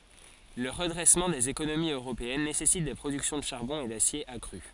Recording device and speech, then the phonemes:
forehead accelerometer, read sentence
lə ʁədʁɛsmɑ̃ dez ekonomiz øʁopeɛn nesɛsit de pʁodyksjɔ̃ də ʃaʁbɔ̃ e dasje akʁy

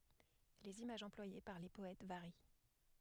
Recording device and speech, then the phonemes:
headset microphone, read sentence
lez imaʒz ɑ̃plwaje paʁ le pɔɛt vaʁi

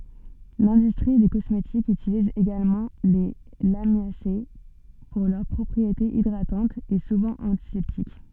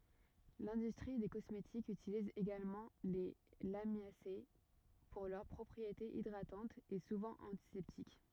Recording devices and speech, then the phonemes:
soft in-ear microphone, rigid in-ear microphone, read sentence
lɛ̃dystʁi de kɔsmetikz ytiliz eɡalmɑ̃ le lamjase puʁ lœʁ pʁɔpʁietez idʁatɑ̃tz e suvɑ̃ ɑ̃tisɛptik

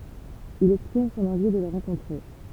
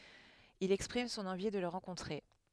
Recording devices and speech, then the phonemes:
temple vibration pickup, headset microphone, read sentence
il ɛkspʁim sɔ̃n ɑ̃vi də lə ʁɑ̃kɔ̃tʁe

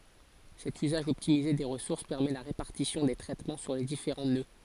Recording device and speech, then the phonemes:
forehead accelerometer, read sentence
sɛt yzaʒ ɔptimize de ʁəsuʁs pɛʁmɛ la ʁepaʁtisjɔ̃ de tʁɛtmɑ̃ syʁ le difeʁɑ̃ nø

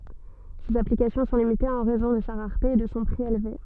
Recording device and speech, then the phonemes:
soft in-ear microphone, read sentence
sez aplikasjɔ̃ sɔ̃ limitez ɑ̃ ʁɛzɔ̃ də sa ʁaʁte e də sɔ̃ pʁi elve

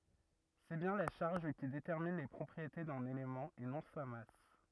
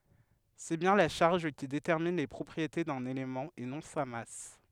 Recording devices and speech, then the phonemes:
rigid in-ear microphone, headset microphone, read sentence
sɛ bjɛ̃ la ʃaʁʒ ki detɛʁmin le pʁɔpʁiete dœ̃n elemɑ̃ e nɔ̃ sa mas

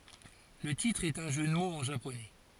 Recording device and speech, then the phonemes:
forehead accelerometer, read sentence
lə titʁ ɛt œ̃ ʒø də moz ɑ̃ ʒaponɛ

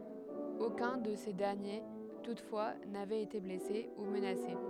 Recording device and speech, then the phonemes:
headset microphone, read sentence
okœ̃ də se dɛʁnje tutfwa navɛt ete blɛse u mənase

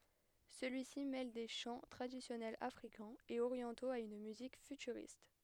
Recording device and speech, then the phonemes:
headset microphone, read sentence
səlyi si mɛl de ʃɑ̃ tʁadisjɔnɛlz afʁikɛ̃z e oʁjɑ̃toz a yn myzik fytyʁist

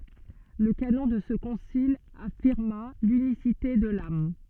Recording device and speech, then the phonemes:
soft in-ear microphone, read sentence
lə kanɔ̃ də sə kɔ̃sil afiʁma lynisite də lam

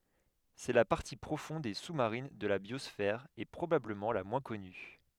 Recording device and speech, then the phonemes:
headset microphone, read sentence
sɛ la paʁti pʁofɔ̃d e su maʁin də la bjɔsfɛʁ e pʁobabləmɑ̃ la mwɛ̃ kɔny

